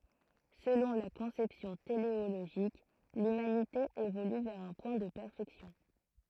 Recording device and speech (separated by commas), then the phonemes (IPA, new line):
throat microphone, read sentence
səlɔ̃ la kɔ̃sɛpsjɔ̃ teleoloʒik lymanite evoly vɛʁ œ̃ pwɛ̃ də pɛʁfɛksjɔ̃